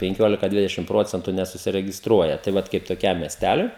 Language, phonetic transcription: Lithuanian, penˈkiolika ˈdvidešim ˈprocentu nesusiregisˈtruoja tai ˈvat kaip toˈkiam miesˈtæliui

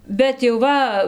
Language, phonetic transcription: Lithuanian, bet jau ˈva

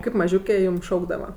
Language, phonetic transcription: Lithuanian, ˈkaip maˈžiūkė ˈjūm ˈšaukdava

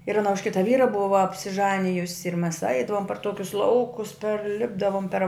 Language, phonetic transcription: Lithuanian, ir aˈna už ˈkita ˈvyra ˈbuva apsiˈžanijusi ir mes ˈaidavom par ˈtokius ˈlaukus perˈlipdavom per

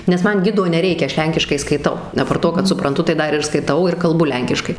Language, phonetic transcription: Lithuanian, nes ˈman ˈgido neˈreikia ˈaš ˈlenkiškai skaiˈtau aˈpart ˈto kad supranˈtu tai ˈdar ir skaiˈtau ir kalˈbu ˈlenkiškai

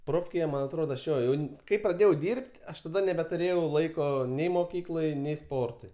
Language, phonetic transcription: Lithuanian, ˈprofkėje ˈman atˈrodo aš ˈjo jau ˈkai praˈdėjau ˈdyrbt ˈaš taˈda nebetuˈrėjau ˈlaiko ˈnei moˈkyklai ˈnei ˈsportui

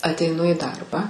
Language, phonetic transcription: Lithuanian, ateiˈnu į ˈdarbą

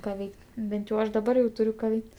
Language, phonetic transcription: Lithuanian, ˈką ˈveik't' ˈbent jau ˈaš daˈbar jau ˈturiu ka ˈveikt

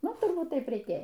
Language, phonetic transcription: Lithuanian, ˈnu turˈbūt ˈtaip reiˈkėja

